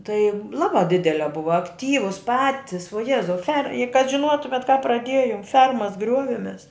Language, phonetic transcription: Lithuanian, tai ˈlabā ˈdidelia ˈbuva akˈtyvus ˈpatis vuo ˈjezau fer i kad žinˈuotumet ka praˈdiejom ˈfermas ˈgriuovemes

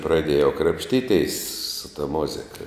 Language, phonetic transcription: Lithuanian, praˈdėjau krapšˈtyˌtės su ta ˈmuzika

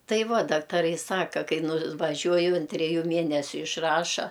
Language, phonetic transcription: Lithuanian, ˈtai ˈva daktaˈrai ˈsaka ˈkai nuvaˈžiuoju an treˈjų ˈmienesiu išˈraša

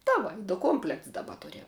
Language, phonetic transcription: Lithuanian, ta ˈva du ˈkomplekts daˈba ˈturiam

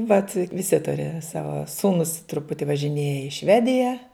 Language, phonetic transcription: Lithuanian, vat viˈsi ˈturi ˈsava ˈsūnus truˈputi važiˈnėja i ˈšvedija

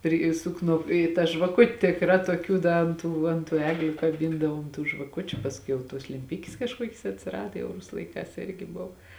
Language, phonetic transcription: Lithuanian, ir ˈįsuk ˈnu i ta žvaˈkut' tikˈrā tuoˈkių ˈda ant ˈtų ant ˈtų ˈegliu kaˈbindavom tų žvaˈkučiu pasˈkiau jau ˈtuos lemˈpikis kažˈkuokis atsiˈrada jau ˈrusu laiˈkās ˈirgi ˈbuv

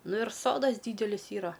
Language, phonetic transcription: Lithuanian, ˈnu ir ˈsodas ˈdydelis ˈyra

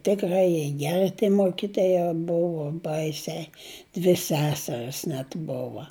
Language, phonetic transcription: Lithuanian, tikˈrai jie ˈgeri tie ˈmokitoja ˈbuvu ˈbaisiai dvi ˈseseris net ˈbova

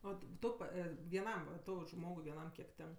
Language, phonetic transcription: Lithuanian, ˈo ˈtu pa vieˈnam va ˈtau ˈžmogui vieˈnam kiek ˈtenk

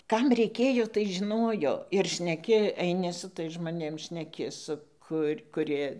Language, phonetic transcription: Lithuanian, ˈkam reiˈkėjo tai žiˈnojo ir šneˈki eiˈni su ˈtais žmoˈnėm šneˈki ˈsu kur' kuˈrie

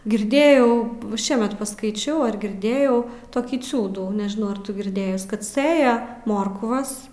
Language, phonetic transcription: Lithuanian, girˈdėjau ˈšiemet paskaiˈčiau ar girˈdėjau toˈkį ˈciūdų nežiˈnau ar ˈtu girˈdėjus ˈkad ˈsɘja ˈmorkvas

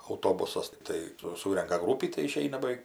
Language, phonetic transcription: Lithuanian, auˈtobusas ˈtai su ˈsūrenka ˈgrūpį tai iˈšeina baˈveik

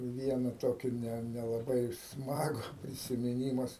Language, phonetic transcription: Lithuanian, ˈviena ˈtokį ne nelaˈbai ˈsmagu prisimiˈnymas

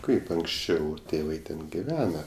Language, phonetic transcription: Lithuanian, ˈkaip anksˈčiau ˈtėvai ˈten giˈvena

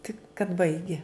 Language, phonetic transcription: Lithuanian, tik kad ˈbaigi

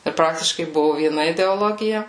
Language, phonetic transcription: Lithuanian, ir ˈpraktiškai ˈbuvu vieˈna ideoˈlogija

